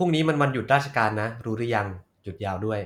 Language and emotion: Thai, neutral